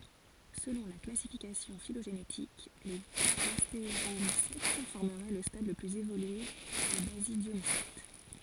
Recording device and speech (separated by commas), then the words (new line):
forehead accelerometer, read sentence
Selon la classification phylogénétique, les gastéromycètes formeraient le stade le plus évolué des basidiomycètes.